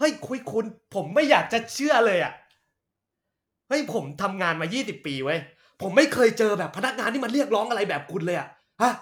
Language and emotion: Thai, angry